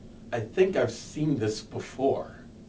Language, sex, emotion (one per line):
English
male
neutral